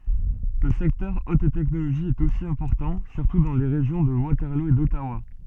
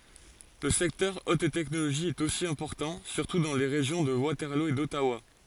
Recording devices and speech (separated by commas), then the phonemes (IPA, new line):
soft in-ear microphone, forehead accelerometer, read sentence
lə sɛktœʁ ot tɛknoloʒi ɛt osi ɛ̃pɔʁtɑ̃ syʁtu dɑ̃ le ʁeʒjɔ̃ də watɛʁlo e dɔtawa